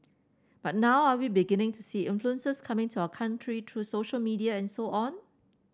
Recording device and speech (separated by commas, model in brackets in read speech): standing microphone (AKG C214), read sentence